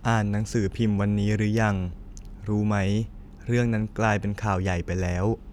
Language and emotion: Thai, frustrated